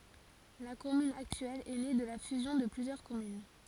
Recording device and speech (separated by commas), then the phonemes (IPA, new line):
forehead accelerometer, read sentence
la kɔmyn aktyɛl ɛ ne də la fyzjɔ̃ də plyzjœʁ kɔmyn